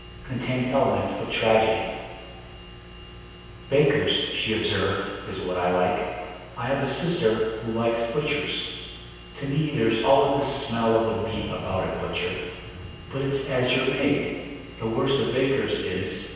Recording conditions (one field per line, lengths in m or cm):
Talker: one person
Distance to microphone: 7.1 m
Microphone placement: far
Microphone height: 1.7 m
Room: very reverberant, large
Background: none